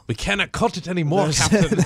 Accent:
British accent